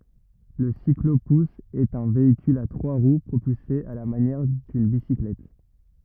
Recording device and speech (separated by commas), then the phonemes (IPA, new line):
rigid in-ear microphone, read sentence
lə siklopus ɛt œ̃ veikyl a tʁwa ʁw pʁopylse a la manjɛʁ dyn bisiklɛt